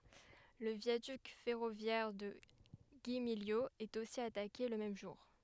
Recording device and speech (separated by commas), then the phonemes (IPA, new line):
headset microphone, read sentence
lə vjadyk fɛʁovjɛʁ də ɡimiljo ɛt osi atake lə mɛm ʒuʁ